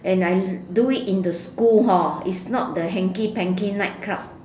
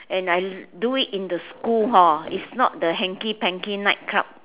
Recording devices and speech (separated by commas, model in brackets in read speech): standing microphone, telephone, conversation in separate rooms